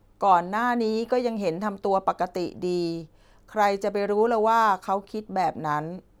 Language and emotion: Thai, neutral